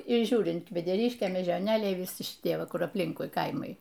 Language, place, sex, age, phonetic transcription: Lithuanian, Aukštaitija, female, 60+, ˈžiūrint kvedeˈriškė mėžioˈnėliai viˈsi šiˈtie ˈva ˈkur apˈlinkui ˈkaimai

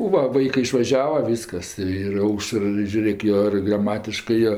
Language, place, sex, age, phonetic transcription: Lithuanian, Aukštaitija, female, 60+, o ˈva ˈvaikɜ išvaˈžiava ˈvyskas ir ˈaušər i žiuˈrėk ˈjo ir graˈmatiškɜ ˈjo

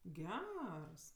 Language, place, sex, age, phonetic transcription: Lithuanian, Aukštaitija, female, 18-60, ˈgers

